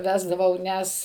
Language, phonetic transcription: Lithuanian, ˈvesdavau ˈnes

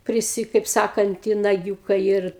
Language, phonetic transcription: Lithuanian, priˈsi kaip ˈsakant i naˈgiūkai ir

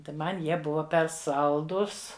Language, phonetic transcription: Lithuanian, tai ˈman ˈjie ˈbuva per ˈsaldus

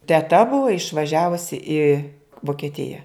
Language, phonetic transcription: Lithuanian, teˈta ˈbuvo išvaˈžiavusi i vokeˈtija

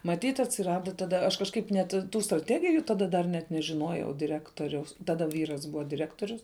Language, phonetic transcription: Lithuanian, maˈtyt atsiˈrada taˈda aš kažˈkaip net ˈtų straˈtegijų taˈda dar ˈnet nežiˈnojau diˈrektoriaus taˈda ˈvyras ˈbuva diˈrektorius

